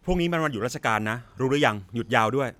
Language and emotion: Thai, frustrated